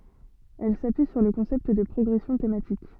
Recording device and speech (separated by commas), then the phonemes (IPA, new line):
soft in-ear microphone, read sentence
ɛl sapyi syʁ lə kɔ̃sɛpt də pʁɔɡʁɛsjɔ̃ tematik